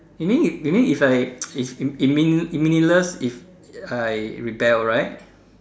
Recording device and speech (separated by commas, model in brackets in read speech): standing microphone, conversation in separate rooms